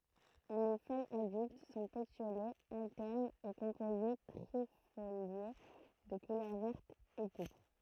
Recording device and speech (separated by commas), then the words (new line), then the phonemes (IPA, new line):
throat microphone, read sentence
Les feuilles adultes sont pétiolées, alternes et composées trifoliées, de couleur verte ou pourpre.
le fœjz adylt sɔ̃ petjolez altɛʁnz e kɔ̃poze tʁifolje də kulœʁ vɛʁt u puʁpʁ